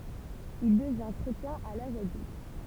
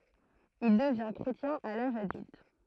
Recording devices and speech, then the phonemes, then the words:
temple vibration pickup, throat microphone, read sentence
il dəvɛ̃ kʁetjɛ̃ a laʒ adylt
Il devint chrétien à l'âge adulte.

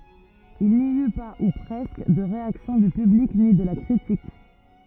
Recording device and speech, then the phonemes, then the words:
rigid in-ear microphone, read sentence
il ni y pa u pʁɛskə də ʁeaksjɔ̃ dy pyblik ni də la kʁitik
Il n'y eut pas, ou presque, de réaction du public ni de la critique.

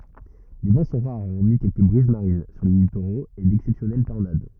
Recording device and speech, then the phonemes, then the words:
rigid in-ear microphone, read sentence
le vɑ̃ sɔ̃ ʁaʁ ɔʁmi kɛlkə bʁiz maʁin syʁ le litoʁoz e dɛksɛpsjɔnɛl tɔʁnad
Les vents sont rares hormis quelques brises marines sur les littoraux et d'exceptionnelles tornades.

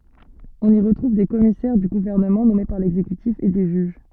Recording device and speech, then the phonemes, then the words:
soft in-ear microphone, read sentence
ɔ̃n i ʁətʁuv de kɔmisɛʁ dy ɡuvɛʁnəmɑ̃ nɔme paʁ lɛɡzekytif e de ʒyʒ
On y retrouve des commissaires du gouvernement nommés par l'exécutif et des juges.

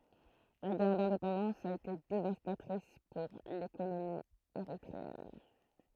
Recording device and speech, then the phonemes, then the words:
throat microphone, read sentence
la ɡɛʁ dɛ̃depɑ̃dɑ̃s a ete devastatʁis puʁ lekonomi eʁitʁeɛn
La guerre d'indépendance a été dévastatrice pour l'économie érythréenne.

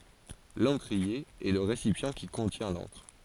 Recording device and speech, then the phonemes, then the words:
forehead accelerometer, read sentence
lɑ̃kʁie ɛ lə ʁesipjɑ̃ ki kɔ̃tjɛ̃ lɑ̃kʁ
L'encrier est le récipient qui contient l'encre.

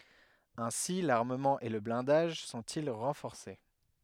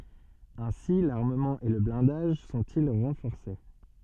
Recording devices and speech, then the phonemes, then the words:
headset microphone, soft in-ear microphone, read sentence
ɛ̃si laʁməmɑ̃ e lə blɛ̃daʒ sɔ̃ti ʁɑ̃fɔʁse
Ainsi l'armement et le blindage sont-ils renforcés.

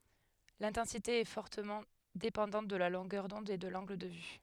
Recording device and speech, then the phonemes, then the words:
headset microphone, read sentence
lɛ̃tɑ̃site ɛ fɔʁtəmɑ̃ depɑ̃dɑ̃t də la lɔ̃ɡœʁ dɔ̃d e də lɑ̃ɡl də vy
L'intensité est fortement dépendante de la longueur d'onde et de l'angle de vue.

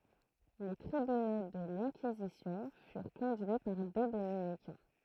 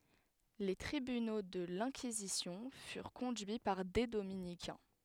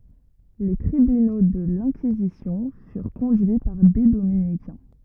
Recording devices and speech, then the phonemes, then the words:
throat microphone, headset microphone, rigid in-ear microphone, read sentence
le tʁibyno də lɛ̃kizisjɔ̃ fyʁ kɔ̃dyi paʁ de dominikɛ̃
Les tribunaux de l'Inquisition furent conduits par des dominicains.

